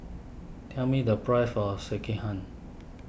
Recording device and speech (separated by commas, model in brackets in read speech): boundary microphone (BM630), read sentence